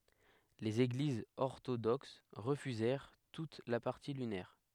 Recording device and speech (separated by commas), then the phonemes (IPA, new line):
headset microphone, read sentence
lez eɡlizz ɔʁtodoks ʁəfyzɛʁ tut la paʁti lynɛʁ